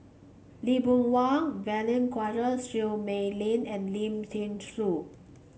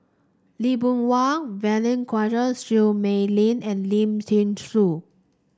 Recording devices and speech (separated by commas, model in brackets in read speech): mobile phone (Samsung C5), standing microphone (AKG C214), read sentence